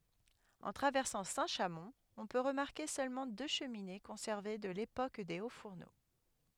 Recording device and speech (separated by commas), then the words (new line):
headset microphone, read sentence
En traversant Saint-Chamond, on peut remarquer seulement deux cheminées conservées de l'époque des hauts-fourneaux.